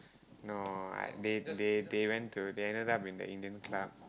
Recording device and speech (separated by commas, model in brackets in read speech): close-talking microphone, conversation in the same room